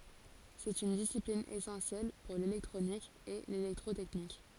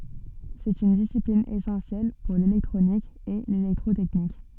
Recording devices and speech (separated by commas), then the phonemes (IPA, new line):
forehead accelerometer, soft in-ear microphone, read sentence
sɛt yn disiplin esɑ̃sjɛl puʁ lelɛktʁonik e lelɛktʁotɛknik